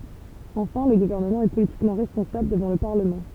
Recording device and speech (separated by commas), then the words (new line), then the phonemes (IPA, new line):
temple vibration pickup, read sentence
Enfin, le gouvernement est politiquement responsable devant le Parlement.
ɑ̃fɛ̃ lə ɡuvɛʁnəmɑ̃ ɛ politikmɑ̃ ʁɛspɔ̃sabl dəvɑ̃ lə paʁləmɑ̃